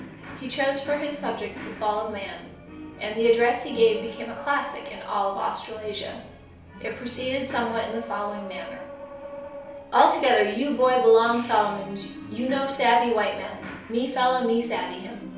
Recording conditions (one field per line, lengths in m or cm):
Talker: one person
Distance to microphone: 3.0 m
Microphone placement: far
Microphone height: 1.8 m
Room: small (3.7 m by 2.7 m)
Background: television